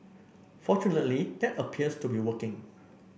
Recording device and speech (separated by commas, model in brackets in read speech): boundary microphone (BM630), read sentence